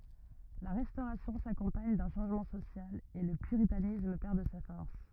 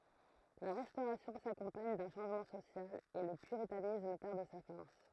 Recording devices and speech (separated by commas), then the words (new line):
rigid in-ear microphone, throat microphone, read sentence
La Restauration s'accompagne d'un changement social, et le puritanisme perd de sa force.